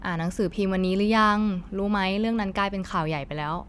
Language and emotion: Thai, neutral